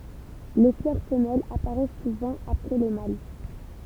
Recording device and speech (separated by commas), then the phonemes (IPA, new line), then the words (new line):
temple vibration pickup, read sentence
le flœʁ fəmɛlz apaʁɛs suvɑ̃ apʁɛ le mal
Les fleurs femelles apparaissent souvent après les mâles.